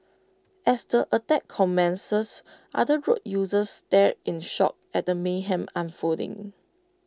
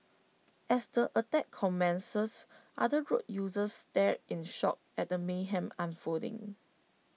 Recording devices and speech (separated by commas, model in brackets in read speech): close-talking microphone (WH20), mobile phone (iPhone 6), read sentence